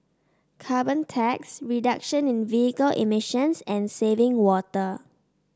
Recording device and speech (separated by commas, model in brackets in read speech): standing microphone (AKG C214), read sentence